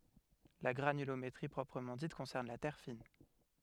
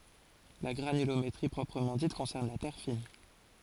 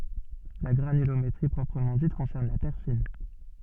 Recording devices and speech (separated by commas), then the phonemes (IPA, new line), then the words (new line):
headset microphone, forehead accelerometer, soft in-ear microphone, read sentence
la ɡʁanylometʁi pʁɔpʁəmɑ̃ dit kɔ̃sɛʁn la tɛʁ fin
La granulométrie proprement dite concerne la terre fine.